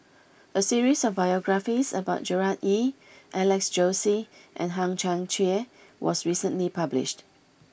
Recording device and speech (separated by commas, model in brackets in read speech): boundary microphone (BM630), read sentence